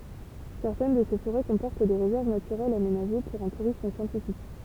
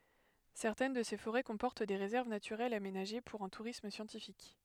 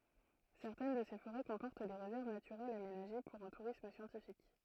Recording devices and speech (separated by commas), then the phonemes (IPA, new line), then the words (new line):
temple vibration pickup, headset microphone, throat microphone, read sentence
sɛʁtɛn də se foʁɛ kɔ̃pɔʁt de ʁezɛʁv natyʁɛlz amenaʒe puʁ œ̃ tuʁism sjɑ̃tifik
Certaines de ces forêts comportent des réserves naturelles aménagées pour un tourisme scientifique.